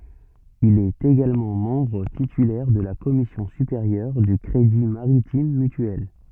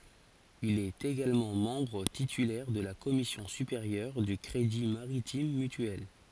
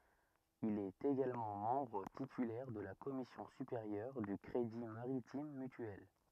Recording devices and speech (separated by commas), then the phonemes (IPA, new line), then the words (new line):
soft in-ear microphone, forehead accelerometer, rigid in-ear microphone, read sentence
il ɛt eɡalmɑ̃ mɑ̃bʁ titylɛʁ də la kɔmisjɔ̃ sypeʁjœʁ dy kʁedi maʁitim mytyɛl
Il est également membre titulaire de la commission supérieure du crédit maritime mutuel.